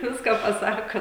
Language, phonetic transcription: Lithuanian, ˈviską paˈsaka

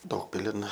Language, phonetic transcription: Lithuanian, ˈdaugpilin

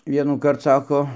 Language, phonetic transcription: Lithuanian, vienųˈkart ˈsako

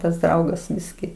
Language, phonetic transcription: Lithuanian, tas ˈdraugas ˈbiski

